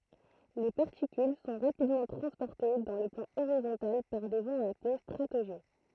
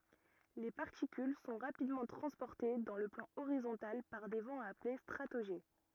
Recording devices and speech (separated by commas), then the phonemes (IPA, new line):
throat microphone, rigid in-ear microphone, read sentence
le paʁtikyl sɔ̃ ʁapidmɑ̃ tʁɑ̃spɔʁte dɑ̃ lə plɑ̃ oʁizɔ̃tal paʁ de vɑ̃z aple stʁatoʒɛ